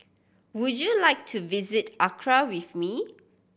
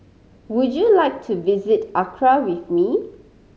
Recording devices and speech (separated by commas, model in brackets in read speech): boundary microphone (BM630), mobile phone (Samsung C5010), read sentence